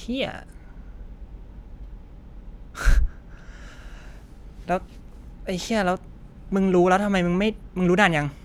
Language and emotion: Thai, frustrated